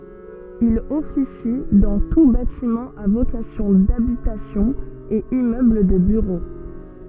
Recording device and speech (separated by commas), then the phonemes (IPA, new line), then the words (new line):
soft in-ear microphone, read sentence
il ɔfisi dɑ̃ tus batimɑ̃z a vokasjɔ̃ dabitasjɔ̃ e immøbl də byʁo
Il officie dans tous bâtiments à vocation d'habitation et immeubles de bureaux.